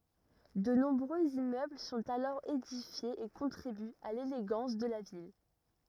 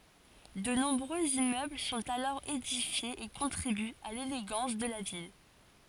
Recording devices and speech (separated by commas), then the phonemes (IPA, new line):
rigid in-ear microphone, forehead accelerometer, read sentence
də nɔ̃bʁøz immøbl sɔ̃t alɔʁ edifjez e kɔ̃tʁibyt a leleɡɑ̃s də la vil